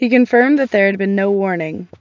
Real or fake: real